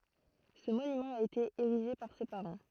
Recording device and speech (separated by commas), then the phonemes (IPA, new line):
throat microphone, read sentence
sə monymɑ̃ a ete eʁiʒe paʁ se paʁɑ̃